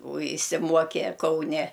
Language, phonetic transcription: Lithuanian, o išsiˈmuoke kauˈne

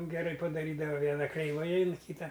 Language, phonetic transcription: Lithuanian, geˈrai padaˈrydava ˈviena kreiˈvai ain ˈkyta

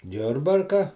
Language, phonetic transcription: Lithuanian, ˈjurbarka

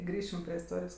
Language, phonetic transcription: Lithuanian, ˈgrįšim prie isˈtorijos

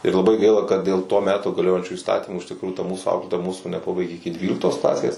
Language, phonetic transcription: Lithuanian, ir laˈbai ˈgaila kad dėl to ˈmeto gaˈliojančių įsˈtatymų iš tikˈrųjų ta ˈmūsų ˈauklėtoja ˈmūsų neˈpabaigė iki ˈdvyliktos ˈklasės

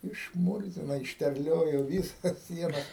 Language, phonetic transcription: Lithuanian, išˈmurzino išterˈliojo ˈvyˌsas ˈsienas

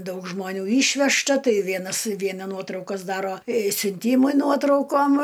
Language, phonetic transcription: Lithuanian, ˈdaug žmoˈnių ˈyšvežta ˈtai ˈvienas ˈviena ˈnuotraukas ˈdaro siunˈtymui ˈnuotraukom

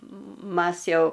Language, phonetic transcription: Lithuanian, ˈmas ˈjau

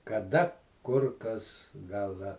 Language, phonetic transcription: Lithuanian, kaˈda ˈkur ˈkas ˈgal ˈda

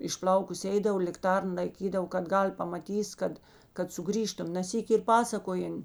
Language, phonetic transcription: Lithuanian, išˈplaukus ˈeidav likˈtarn laiˈkydavo kad ˈgal' pamaˈtys ˈkad kad suˈgrįžtum na ˈsyki ir ˈpasakojen

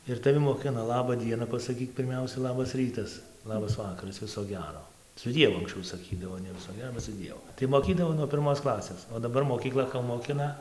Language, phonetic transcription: Lithuanian, ir taˈvi moˈkina ˈlaba ˈdiena pasaˈkyk pirˈmiausia ˈlabas ˈrytas ˈlabas ˈvakaras ˈviso ˈgero su ˈdievu anksˈčiau saˈkydavo ne ˈviso ˈgero su ˈdievu tai moˈkydavo nuo pirˈmos ˈklasės o daˈbar mokyˈkla ko moˈkina

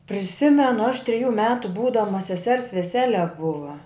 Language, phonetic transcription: Lithuanian, priˈsimenu aš triˈjų ˈmetu ˈbūdama seˈsers veˈsele ˈbuva

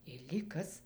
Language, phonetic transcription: Lithuanian, ir lyg ˈkas

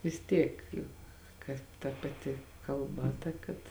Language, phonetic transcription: Lithuanian, vis ˈtiek ˈjuk ˈkad ta paˈti kalˈba ˈta kad

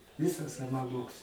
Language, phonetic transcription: Lithuanian, ˈvisas savaˈmoks

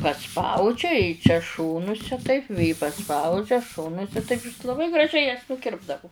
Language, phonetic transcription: Lithuanian, paˈspaudžia i čia ˈšonuse taip vė paˈspaudžia ˈšonuse taip is laˈbai graˈžiai jas nuˈkirpdavu

